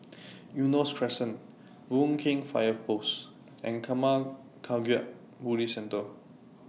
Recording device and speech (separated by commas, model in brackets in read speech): mobile phone (iPhone 6), read sentence